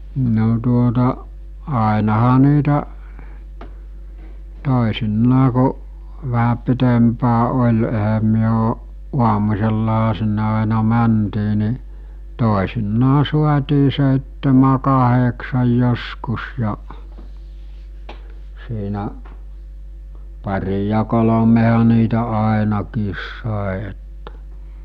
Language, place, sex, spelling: Finnish, Mikkeli, male, no tuota ainahan niitä toisinaan kun vähän pitempään oli eihän me on aamusellahan sinne aina mentiin niin toisinaan saatiin seitsemän kahdeksan joskus ja siinä pari ja kolmehan niitä ainakin sai että
- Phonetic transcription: no tuota , àenaha niitä , 'tòesinnaa ku , vähä 'pitempää oĺ ehäm myö o , 'ˀuamus̜ellaɦa sinne àena 'mäntii ni , 'tòesinnaa 'suat̜ii sèittemä 'kaheksaj joskus ja , siinä , par̜i ja 'kolomeha niitä 'àenakiis sàe ettᴀ̈ .

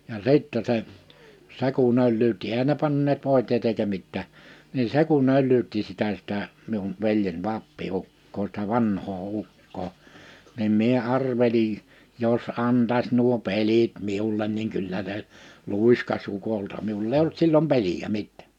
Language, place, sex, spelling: Finnish, Liperi, male, ja sitten se se kun öllyytti eihän ne panneet voiteita eikä mitään niin se kun öllyytti sitä sitä minun veljen appiukkoa sitä vanhaa ukkoa niin minä arvelin jos antaisi nuo pelit minulle niin kyllä se luiskasi ukolta minulla ei ollut silloin pelejä mitään
- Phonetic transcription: ja 'sìttɛ se , 'se ku'n ‿öllyytti 'ehän ne panneet 'vòitèit ‿eika 'mittää , nin 'se ku'n ‿öl̆lyytti sitä sitä , miun 'veljen 'ʷappi₍ukkoo sⁱtä 'vanhoo 'ukkoo , nim mie 'arvelij , » 'jos 'antaś nuo 'pelit 'miullen niŋ 'kyllä se , 'lùiskas 'ukolta « miul'l ‿èi ollut sillom 'peliʲä 'mittᴀ̈̀ .

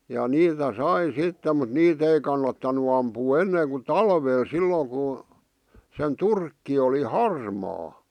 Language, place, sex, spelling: Finnish, Vihti, male, ja niitä sai sitten mutta niitä ei kannattanut ampua ennen kuin talvella silloin kun sen turkki oli harmaa
- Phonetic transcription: ja "niitä "sai 'sitte mut 'niit ‿ei kannattanu ampuu 'enneeŋ ku "talveel 'sillooŋ ku , sen 'turkki oli "harmaa .

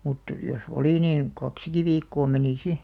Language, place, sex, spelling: Finnish, Alastaro, female, mutta jos oli niin kaksikin viikkoa meni sitten
- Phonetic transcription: mut , jos "oli niin , "kaksiki 'viikkoo menì 'si .

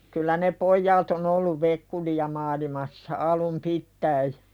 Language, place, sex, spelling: Finnish, Pälkäne, female, kyllä ne pojat on ollut vekkuleita - maailmassa alun pitäen
- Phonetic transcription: kyllä ne "pojjaat ‿on ‿olluv 'vekkuli ja maalimassa 'alum "pittäi .

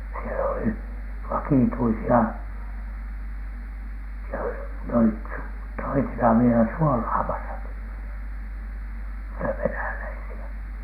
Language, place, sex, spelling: Finnish, Alatornio, male, siellä oli vakituisia siellä oli ne olivat - toisinaan vielä suolaamassakin se venäläisiä
- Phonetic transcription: siel ‿oli "vakìtuisi₍a , siel ‿oli ne ‿olit su- , toisinhav vielä "suolaamasaki , (se-) "venäläisi₍ä.̈

